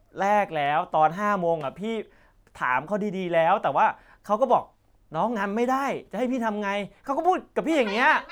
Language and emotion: Thai, angry